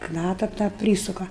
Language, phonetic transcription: Lithuanian, ˈknata tą ˈprysuka

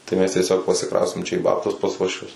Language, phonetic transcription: Lithuanian, tai ˈmes tieˈsiog parsiˈkraustėm čia į ˈbabtus pas uošˈvius

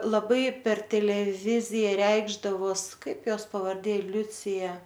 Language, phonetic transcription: Lithuanian, laˈbai per teleˈvizija ˈreikšdavos ˈkaip ˈjos pavarˈdė ˈliucija

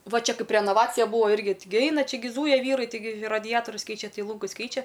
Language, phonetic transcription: Lithuanian, ˈva ˈčia ˈkaip renaˈvacija ˈbūvo ˈirgi ˈtigi ˈaina ˈčia gi ˈzūja ˈvyrai tiˈgi raˈdiatorius ˈkeičia ˈtai ˈlūngus ˈkeičia

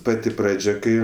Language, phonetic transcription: Lithuanian, ˈpati ˈpradžia ˈkai

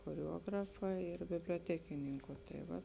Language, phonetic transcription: Lithuanian, choreˈuografa ir biblioˈtekininku tai ˈva

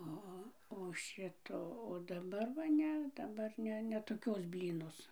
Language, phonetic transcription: Lithuanian, ˈo o o ˈšito o daˈbar va ˈne daˈbar ˈne ne toˈkios ˈblynos

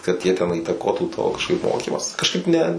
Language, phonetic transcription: Lithuanian, kad ˈjie ten įtaˈkotų to kažˈkaip ˈmokymąs kažˈkaip ne

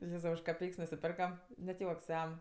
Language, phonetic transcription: Lithuanian, ˈjėzau už kaˈpeiks nusiˈperkam net ˈjuoks ˈjam

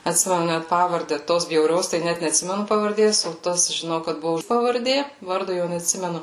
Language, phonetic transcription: Lithuanian, atˈsimenu ˈnæt ˈpavarde ˈtos bjauˈrios tai ˈnæt netˈsimenu pavarˈdės o ˈtas žiˈnau kad ˈbuvo pavarˈdė ˈvardo jau netˈsimenu

